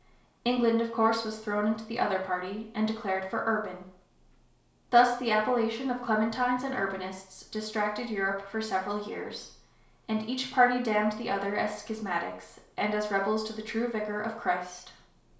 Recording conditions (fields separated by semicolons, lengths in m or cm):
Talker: one person; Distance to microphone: 1.0 m; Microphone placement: close; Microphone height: 1.1 m; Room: small (3.7 m by 2.7 m); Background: none